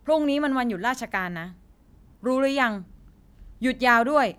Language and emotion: Thai, frustrated